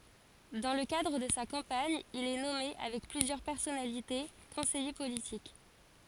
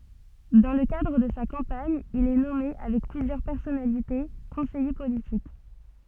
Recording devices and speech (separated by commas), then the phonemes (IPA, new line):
forehead accelerometer, soft in-ear microphone, read sentence
dɑ̃ lə kadʁ də sa kɑ̃paɲ il ɛ nɔme avɛk plyzjœʁ pɛʁsɔnalite kɔ̃sɛje politik